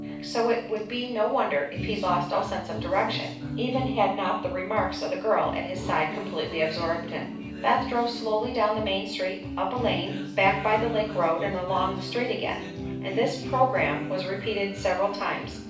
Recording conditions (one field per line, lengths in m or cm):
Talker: one person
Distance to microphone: 5.8 m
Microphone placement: far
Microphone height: 1.8 m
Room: medium-sized (5.7 m by 4.0 m)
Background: music